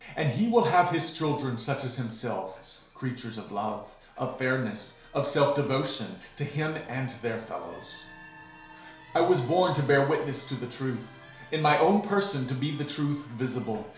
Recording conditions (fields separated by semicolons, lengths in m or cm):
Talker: one person; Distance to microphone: 1.0 m; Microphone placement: close; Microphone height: 1.1 m; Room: small (3.7 m by 2.7 m); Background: television